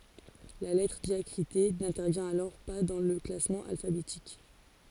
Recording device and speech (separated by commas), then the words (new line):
forehead accelerometer, read sentence
La lettre diacritée n'intervient alors pas dans le classement alphabétique.